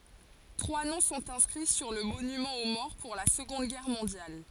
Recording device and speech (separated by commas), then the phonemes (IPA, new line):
forehead accelerometer, read sentence
tʁwa nɔ̃ sɔ̃t ɛ̃skʁi syʁ lə monymɑ̃ o mɔʁ puʁ la səɡɔ̃d ɡɛʁ mɔ̃djal